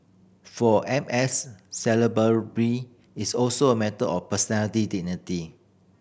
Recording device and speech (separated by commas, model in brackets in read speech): boundary microphone (BM630), read sentence